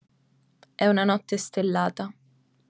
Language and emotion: Italian, neutral